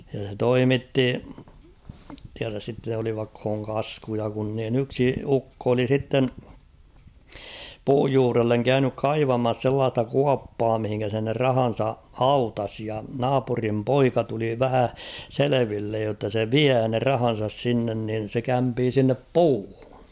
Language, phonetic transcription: Finnish, ja se "toimitti , 'tiäräs sitte olivakh̭ooŋ 'kaskuja kun niin ‿'yksi "ukko oli 'sitten , "puuj juurelleŋ 'käynyk "kaivamas 'sellaasta "kuappaa mihiŋkä se ne "rahan̬sa "hautas ja "naapurim "poika tuli 'vähä , "selevillej jotta se "viää ne "rahan̬sas 'sinnen nin̬ se 'kämpii sinnep "puuhᴜ .
- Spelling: ja se toimitti tiedä sitten olivatko kaskuja kun niin yksi ukko oli sitten puun juurelle käynyt kaivamassa sellaista kuoppaa mihin se ne rahansa hautasi ja naapurin poika tuli vähän selville jotta se vie ne rahansa sinne niin se kämpii sinne puuhun

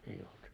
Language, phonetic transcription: Finnish, ei olt .
- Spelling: ei ollut

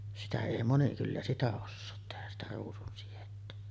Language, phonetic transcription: Finnish, 'sitä èi moni kyllä "sitä 'ossoot tehäs sitä 'ruusunsijettä .
- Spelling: sitä ei moni kyllä sitä osaa tehdä sitä ruusunsidettä

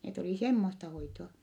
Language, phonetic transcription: Finnish, net olì semmosta hoitoa .
- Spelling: ne oli semmoista hoitoa

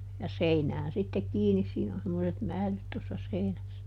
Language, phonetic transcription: Finnish, ja ˈseinään sittek ˈkiinis siin ‿on semmoset "määlyt tossa ˈseinäs(sä) .
- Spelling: ja seinään sitten kiinni siinä on semmoiset määlyt tuossa seinässä

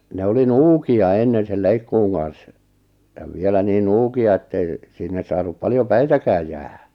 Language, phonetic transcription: Finnish, 'ne oli "nuuki₍a ennen̬ sel 'leikkuuŋ 'kan̬s , ja 'vielä niin 'nuuki₍a ettei , sinne 'saanup paljo "päitäkääj jäähᴀ̈ .
- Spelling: ne oli nuukia ennen sen leikkuun kanssa ja vielä niin nuukia että ei sinne saanut paljon päitäkään jäädä

